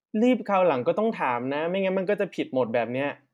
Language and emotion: Thai, frustrated